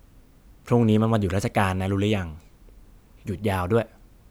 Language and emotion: Thai, neutral